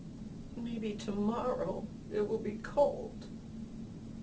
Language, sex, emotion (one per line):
English
female
sad